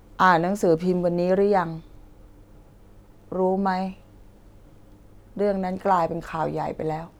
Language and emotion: Thai, sad